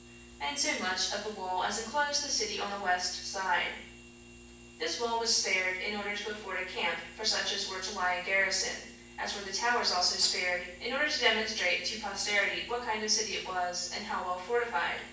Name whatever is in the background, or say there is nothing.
Nothing.